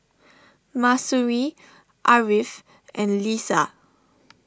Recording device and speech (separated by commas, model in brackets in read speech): standing microphone (AKG C214), read sentence